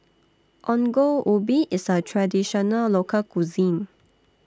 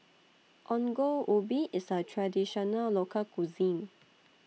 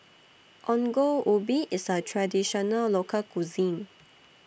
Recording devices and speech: standing microphone (AKG C214), mobile phone (iPhone 6), boundary microphone (BM630), read sentence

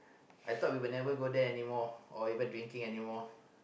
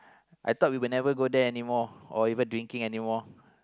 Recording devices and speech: boundary microphone, close-talking microphone, conversation in the same room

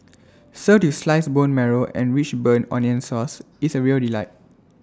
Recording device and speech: standing microphone (AKG C214), read sentence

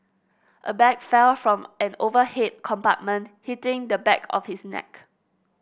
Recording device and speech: boundary microphone (BM630), read sentence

